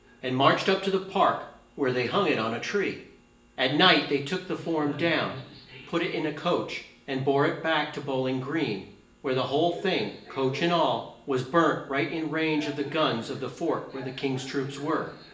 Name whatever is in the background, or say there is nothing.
A television.